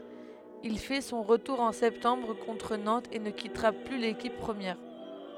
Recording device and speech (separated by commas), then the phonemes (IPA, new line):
headset microphone, read sentence
il fɛ sɔ̃ ʁətuʁ ɑ̃ sɛptɑ̃bʁ kɔ̃tʁ nɑ̃tz e nə kitʁa ply lekip pʁəmjɛʁ